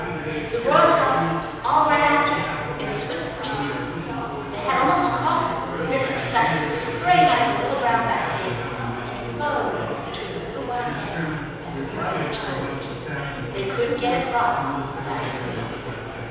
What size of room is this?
A big, very reverberant room.